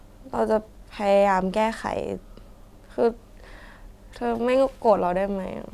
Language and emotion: Thai, sad